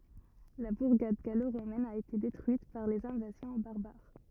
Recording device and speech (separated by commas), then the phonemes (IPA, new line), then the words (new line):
rigid in-ear microphone, read sentence
la buʁɡad ɡaloʁomɛn a ete detʁyit paʁ lez ɛ̃vazjɔ̃ baʁbaʁ
La bourgade gallo-romaine a été détruite par les invasions barbares.